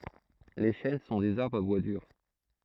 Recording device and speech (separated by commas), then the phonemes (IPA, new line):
throat microphone, read sentence
le ʃɛn sɔ̃ dez aʁbʁz a bwa dyʁ